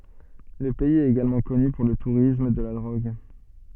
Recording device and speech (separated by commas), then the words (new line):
soft in-ear microphone, read sentence
Le pays est également connu pour le tourisme de la drogue.